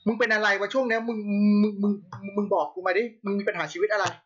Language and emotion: Thai, frustrated